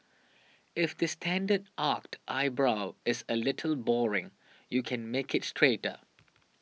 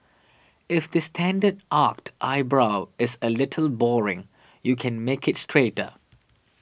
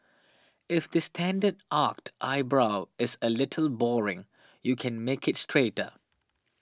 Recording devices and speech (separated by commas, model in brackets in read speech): mobile phone (iPhone 6), boundary microphone (BM630), standing microphone (AKG C214), read sentence